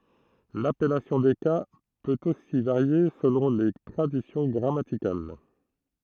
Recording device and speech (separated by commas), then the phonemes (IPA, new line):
throat microphone, read sentence
lapɛlasjɔ̃ de ka pøt osi vaʁje səlɔ̃ le tʁadisjɔ̃ ɡʁamatikal